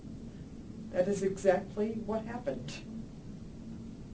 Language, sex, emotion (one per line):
English
female
neutral